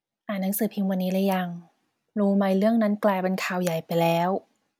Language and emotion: Thai, neutral